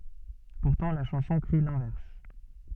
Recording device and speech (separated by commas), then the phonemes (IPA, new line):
soft in-ear microphone, read sentence
puʁtɑ̃ la ʃɑ̃sɔ̃ kʁi lɛ̃vɛʁs